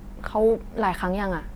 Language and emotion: Thai, neutral